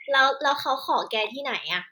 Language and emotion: Thai, happy